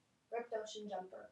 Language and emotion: English, neutral